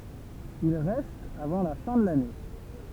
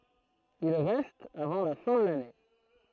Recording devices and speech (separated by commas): temple vibration pickup, throat microphone, read sentence